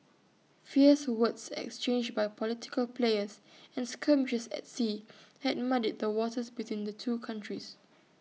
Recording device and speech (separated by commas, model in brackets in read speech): mobile phone (iPhone 6), read sentence